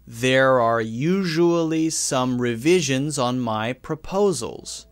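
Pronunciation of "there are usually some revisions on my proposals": The voice continues through the whole sentence so that it flows, and it sounds natural.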